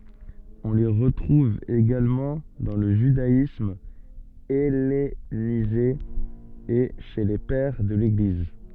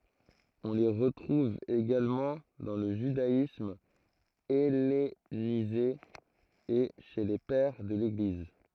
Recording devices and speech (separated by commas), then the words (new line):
soft in-ear microphone, throat microphone, read sentence
On les retrouve également dans le judaïsme hellénisé et chez les Pères de l'Église.